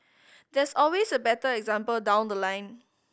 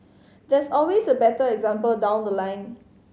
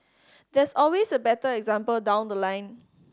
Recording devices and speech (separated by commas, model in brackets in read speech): boundary microphone (BM630), mobile phone (Samsung C5010), standing microphone (AKG C214), read sentence